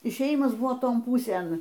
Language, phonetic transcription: Lithuanian, išėˈjimas ˈbuvo ˈton ˈpūsėn

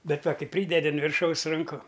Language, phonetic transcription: Lithuanian, ˈbet ˈva ˈkai ˈprydedi un virˈšaus ranˈku

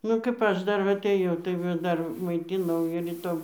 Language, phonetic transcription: Lithuanian, ˈnu kap ˈaš ˈdar va aˈtɘjau tai ˈva ˈdar maiˈtinau ir ˈitom

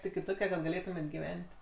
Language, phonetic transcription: Lithuanian, iki ˈtoke kad gaˈlėtumėt' giˈvent'

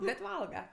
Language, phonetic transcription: Lithuanian, bet ˈvalga

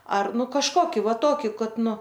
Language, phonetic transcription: Lithuanian, ˈar ˈnu kažˈkoki ˈva ˈtoki ˈkad ˈnu

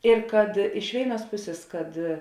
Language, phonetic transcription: Lithuanian, ir kad iš ˈvėiˌnuos ˈpusės kad

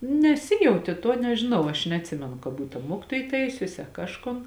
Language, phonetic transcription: Lithuanian, nesiˈjautė tuo nežiˈnau aš neatˈsimenu ka ˈbūt a ˈmuokitoj ˈtaisiusi a ˈkažˌkon

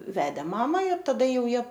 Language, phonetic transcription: Lithuanian, ˈvedė ˈmama ir taˈda ˈjau ˈjie

